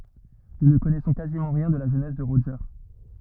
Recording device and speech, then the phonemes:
rigid in-ear microphone, read sentence
nu nə kɔnɛsɔ̃ kazimɑ̃ ʁjɛ̃ də la ʒønɛs də ʁoʒe

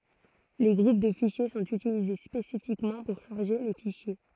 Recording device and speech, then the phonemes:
throat microphone, read sentence
le ɡʁup də fiʃje sɔ̃t ytilize spesifikmɑ̃ puʁ ʃaʁʒe le fiʃje

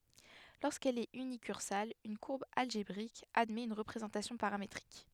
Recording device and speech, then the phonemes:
headset microphone, read sentence
loʁskɛl ɛt ynikyʁsal yn kuʁb alʒebʁik admɛt yn ʁəpʁezɑ̃tasjɔ̃ paʁametʁik

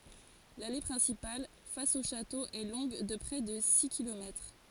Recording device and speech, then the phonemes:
forehead accelerometer, read sentence
lale pʁɛ̃sipal fas o ʃato ɛ lɔ̃ɡ də pʁɛ də si kilomɛtʁ

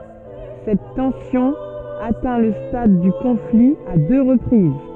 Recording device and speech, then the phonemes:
soft in-ear microphone, read sentence
sɛt tɑ̃sjɔ̃ atɛ̃ lə stad dy kɔ̃fli a dø ʁəpʁiz

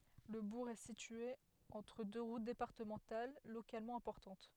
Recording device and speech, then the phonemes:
headset microphone, read sentence
lə buʁ ɛ sitye ɑ̃tʁ dø ʁut depaʁtəmɑ̃tal lokalmɑ̃ ɛ̃pɔʁtɑ̃t

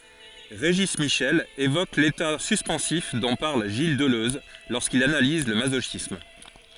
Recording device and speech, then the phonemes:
forehead accelerometer, read sentence
ʁeʒi miʃɛl evok leta syspɑ̃sif dɔ̃ paʁl ʒil dəløz loʁskil analiz lə mazoʃism

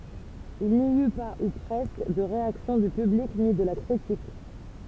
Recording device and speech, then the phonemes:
temple vibration pickup, read sentence
il ni y pa u pʁɛskə də ʁeaksjɔ̃ dy pyblik ni də la kʁitik

